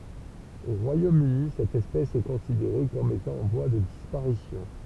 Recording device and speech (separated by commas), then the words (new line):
temple vibration pickup, read sentence
Au Royaume-Uni, cette espèce est considérée comme étant en voie de disparition.